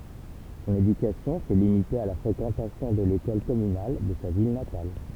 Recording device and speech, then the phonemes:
temple vibration pickup, read sentence
sɔ̃n edykasjɔ̃ sɛ limite a la fʁekɑ̃tasjɔ̃ də lekɔl kɔmynal də sa vil natal

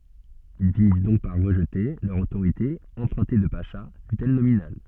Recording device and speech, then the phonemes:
soft in-ear microphone, read sentence
il finis dɔ̃k paʁ ʁəʒte lœʁ otoʁite ɑ̃pʁœ̃te də paʃa fytɛl nominal

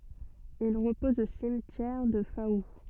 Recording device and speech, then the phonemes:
soft in-ear microphone, read sentence
il ʁəpɔz o simtjɛʁ dy fau

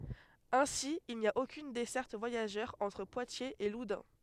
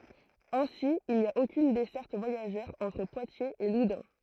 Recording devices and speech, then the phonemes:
headset microphone, throat microphone, read sentence
ɛ̃si il ni a okyn dɛsɛʁt vwajaʒœʁ ɑ̃tʁ pwatjez e ludœ̃

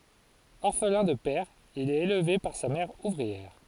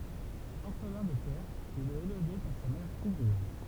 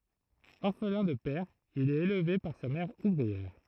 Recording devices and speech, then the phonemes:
forehead accelerometer, temple vibration pickup, throat microphone, read sentence
ɔʁflɛ̃ də pɛʁ il ɛt elve paʁ sa mɛʁ uvʁiɛʁ

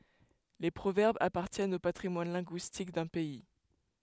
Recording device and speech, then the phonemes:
headset microphone, read sentence
le pʁovɛʁbz apaʁtjɛnt o patʁimwan lɛ̃ɡyistik dœ̃ pɛi

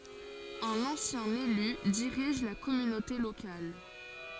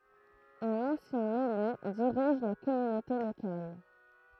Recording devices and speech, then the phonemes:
forehead accelerometer, throat microphone, read sentence
œ̃n ɑ̃sjɛ̃ ely diʁiʒ la kɔmynote lokal

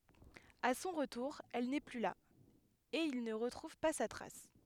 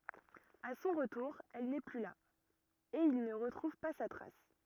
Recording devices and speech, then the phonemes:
headset microphone, rigid in-ear microphone, read sentence
a sɔ̃ ʁətuʁ ɛl nɛ ply la e il nə ʁətʁuv pa sa tʁas

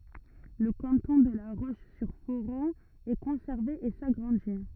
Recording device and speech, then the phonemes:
rigid in-ear microphone, read sentence
lə kɑ̃tɔ̃ də la ʁoʃzyʁfoʁɔ̃ ɛ kɔ̃sɛʁve e saɡʁɑ̃di

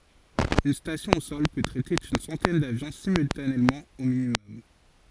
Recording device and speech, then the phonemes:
forehead accelerometer, read sentence
yn stasjɔ̃ o sɔl pø tʁɛte yn sɑ̃tɛn davjɔ̃ simyltanemɑ̃ o minimɔm

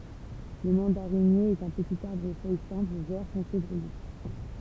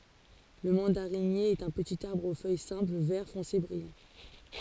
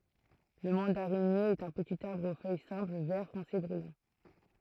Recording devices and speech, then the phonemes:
temple vibration pickup, forehead accelerometer, throat microphone, read sentence
lə mɑ̃daʁinje ɛt œ̃ pətit aʁbʁ o fœj sɛ̃pl vɛʁ fɔ̃se bʁijɑ̃

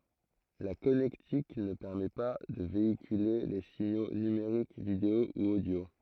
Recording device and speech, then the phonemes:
throat microphone, read sentence
la kɔnɛktik nə pɛʁmɛ pa də veikyle le siɲo nymeʁik video u odjo

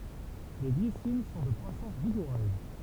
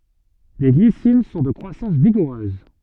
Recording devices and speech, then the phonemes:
temple vibration pickup, soft in-ear microphone, read sentence
le ɡlisin sɔ̃ də kʁwasɑ̃s viɡuʁøz

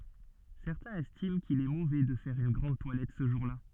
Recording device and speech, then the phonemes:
soft in-ear microphone, read sentence
sɛʁtɛ̃z ɛstim kil ɛ movɛ də fɛʁ yn ɡʁɑ̃d twalɛt sə ʒuʁla

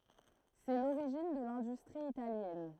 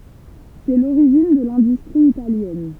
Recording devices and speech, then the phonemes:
throat microphone, temple vibration pickup, read sentence
sɛ loʁiʒin də lɛ̃dystʁi italjɛn

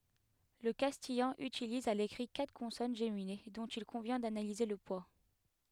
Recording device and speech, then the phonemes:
headset microphone, read sentence
lə kastijɑ̃ ytiliz a lekʁi katʁ kɔ̃sɔn ʒemine dɔ̃t il kɔ̃vjɛ̃ danalize lə pwa

